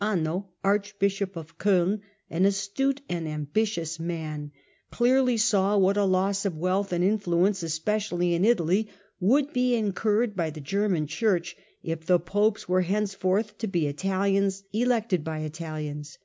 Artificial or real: real